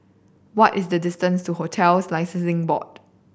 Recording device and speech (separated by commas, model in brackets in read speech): boundary microphone (BM630), read sentence